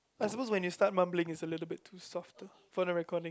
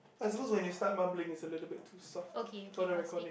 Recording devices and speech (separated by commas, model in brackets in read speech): close-talking microphone, boundary microphone, conversation in the same room